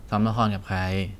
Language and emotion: Thai, neutral